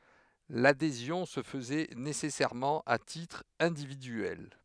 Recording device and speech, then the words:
headset microphone, read sentence
L'adhésion se faisait nécessairement à titre individuel.

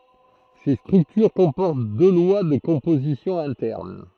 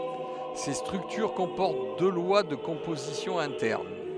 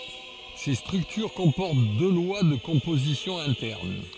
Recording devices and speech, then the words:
throat microphone, headset microphone, forehead accelerometer, read sentence
Ces structures comportent deux lois de composition internes.

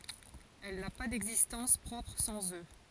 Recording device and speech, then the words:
forehead accelerometer, read sentence
Elle n'a pas d'existence propre sans eux.

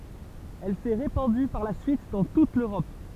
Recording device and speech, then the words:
temple vibration pickup, read sentence
Elle s'est répandue par la suite dans toute l'Europe.

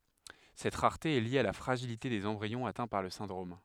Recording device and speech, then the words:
headset microphone, read sentence
Cette rareté est liée à la fragilité des embryons atteints par le syndrome.

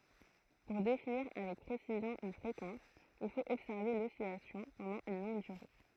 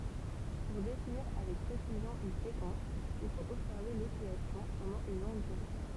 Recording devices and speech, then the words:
throat microphone, temple vibration pickup, read sentence
Pour définir avec précision une fréquence, il faut observer l'oscillation pendant une longue durée.

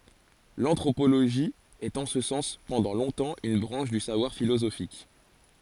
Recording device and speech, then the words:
forehead accelerometer, read sentence
L'anthropologie est en ce sens pendant longtemps une branche du savoir philosophique.

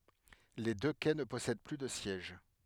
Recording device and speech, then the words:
headset microphone, read sentence
Les deux quais ne possèdent plus de sièges.

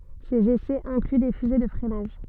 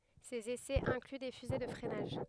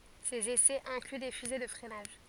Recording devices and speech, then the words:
soft in-ear microphone, headset microphone, forehead accelerometer, read sentence
Ses essais incluent des fusées de freinage.

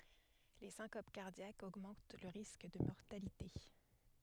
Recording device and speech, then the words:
headset microphone, read sentence
Les syncopes cardiaques augmentent le risque de mortalité.

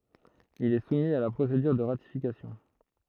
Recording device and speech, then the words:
throat microphone, read sentence
Il est soumis à la procédure de ratification.

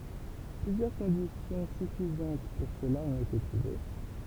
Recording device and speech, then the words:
temple vibration pickup, read sentence
Plusieurs conditions suffisantes pour cela ont été trouvées.

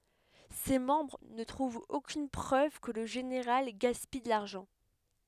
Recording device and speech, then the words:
headset microphone, read sentence
Ses membres ne trouvent aucune preuve que le général gaspille de l'argent.

